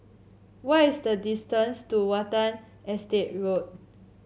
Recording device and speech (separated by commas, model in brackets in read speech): mobile phone (Samsung C7), read sentence